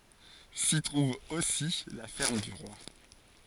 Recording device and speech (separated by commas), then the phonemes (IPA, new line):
forehead accelerometer, read sentence
si tʁuv osi la fɛʁm dy ʁwa